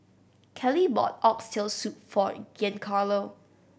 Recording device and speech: boundary microphone (BM630), read sentence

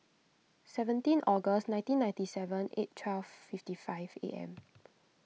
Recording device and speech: mobile phone (iPhone 6), read sentence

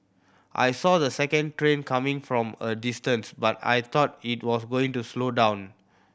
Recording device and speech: boundary microphone (BM630), read sentence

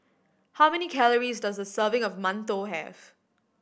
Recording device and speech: boundary microphone (BM630), read sentence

